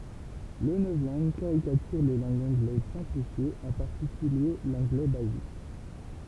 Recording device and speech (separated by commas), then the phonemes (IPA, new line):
temple vibration pickup, read sentence
lə nɔvlɑ̃ɡ kaʁikatyʁ le lɑ̃ɡz ɑ̃ɡlɛz sɛ̃plifjez ɑ̃ paʁtikylje lɑ̃ɡlɛ bazik